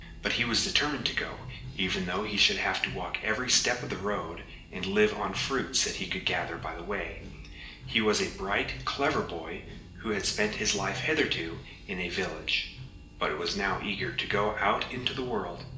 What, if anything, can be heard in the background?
Music.